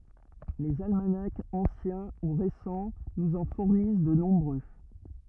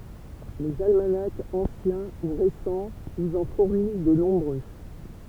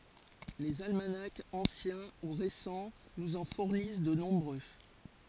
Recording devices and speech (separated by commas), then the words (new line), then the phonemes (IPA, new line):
rigid in-ear microphone, temple vibration pickup, forehead accelerometer, read sentence
Les almanachs anciens ou récents nous en fournissent de nombreux.
lez almanakz ɑ̃sjɛ̃ u ʁesɑ̃ nuz ɑ̃ fuʁnis də nɔ̃bʁø